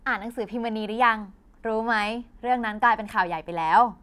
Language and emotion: Thai, happy